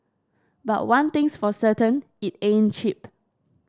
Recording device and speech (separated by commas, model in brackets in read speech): standing microphone (AKG C214), read sentence